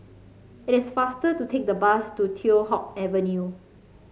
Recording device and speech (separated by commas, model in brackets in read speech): mobile phone (Samsung C5), read sentence